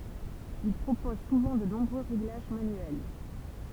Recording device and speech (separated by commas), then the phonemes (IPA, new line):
temple vibration pickup, read sentence
il pʁopoz suvɑ̃ də nɔ̃bʁø ʁeɡlaʒ manyɛl